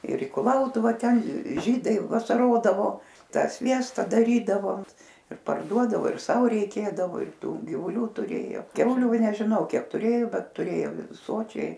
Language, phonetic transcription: Lithuanian, ir i kuˈlautuva ˈten ˈžydai vasaˈrodavo ˈtą ˈsviesta daˈrydavo ir parˈduodavo ir ˈsau reiˈkėdavo ir ˈtų givuˈlių tuˈrėjo ˈkiauliu nežiˈnau ˈkiek ˈturėjo ˈbet tuˈrėjom ˈsočiai

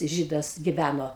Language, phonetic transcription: Lithuanian, ˈžydas giˈvæno

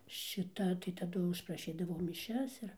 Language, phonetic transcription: Lithuanian, šiˈta tai taˈdu užpraˈšydavau miˈšias ir

